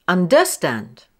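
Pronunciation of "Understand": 'Understand' is pronounced incorrectly here, with the stress on the wrong syllable.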